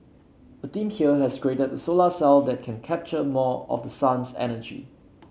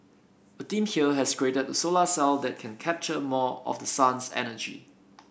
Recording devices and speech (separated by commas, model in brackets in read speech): mobile phone (Samsung C7), boundary microphone (BM630), read sentence